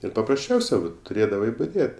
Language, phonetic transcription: Lithuanian, ir paprasˈčiausia vat tuˈrėdavai buˈdėt

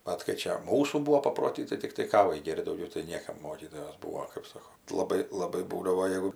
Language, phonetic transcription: Lithuanian, ˈbet kai ˈčia ˈmūsų ˈbūvo paproˈty tai tikˈtai ˈkavai ˈgėr't' dauˈgiau tai ˈniekam ˈmokytojos ˈbūo kɜp ˈsoko laˈbai laˈbai ˈbūdavo ˈjeigu

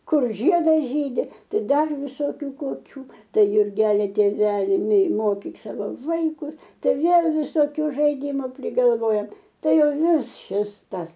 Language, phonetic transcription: Lithuanian, ˈkur ˈžiedas ˈžydi ˈtai ˈdar viˈsokiu koˈkių ˈtai jurˈgeli tėˈveli nei ˈmokyk ˈsavo ˈvaikus ˈtai ˈvėl visoˈkiu žaiˈdimu prigalˈvojam ˈtai ˈjau ˈvis ˈšis ˈtas

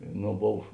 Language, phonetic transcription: Lithuanian, ˈno ˈbov

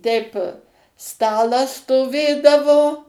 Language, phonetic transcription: Lithuanian, ˈteip ˈstalas stoˈvėdavo

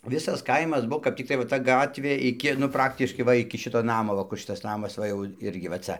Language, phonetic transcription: Lithuanian, ˈvisas ˈkaimas ˈbuvo kap tikˈtai va ˈta ˈgatvė iˈki nu ˈpraktiškai ˈva iki ˈšito ˈnamo va ˈkur ˈšitas ˈnamas ˈva jau ˈirgi va ˈca

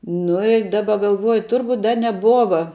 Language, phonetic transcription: Lithuanian, ˈnu i ˈdaba galˈvuoju ˈturbut' ˈda neˈbuova

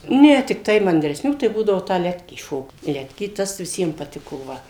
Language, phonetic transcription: Lithuanian, ne tikˈtai mandresˈnių tai būdavo tą ˈletkį ˈšokt ˈletkį ˈtas viˈsiem paˈtiko ˈva

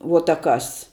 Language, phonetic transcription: Lithuanian, vuo ta ˈkas

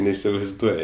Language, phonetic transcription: Lithuanian, neisivaizˈduoji

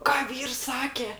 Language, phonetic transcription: Lithuanian, ˈką ˈvyrs ˈsake

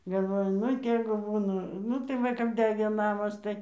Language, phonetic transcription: Lithuanian, galˈvoju ˈnu ˈtėgu ˈbūna ˈnu tai ˈva kap ˈdegė ˈnamas ˈtai

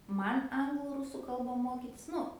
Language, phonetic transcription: Lithuanian, ˈman ˈanglu ˈrusu ˈkalba ˈmokitis ˈnu

